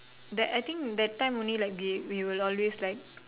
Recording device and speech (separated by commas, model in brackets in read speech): telephone, conversation in separate rooms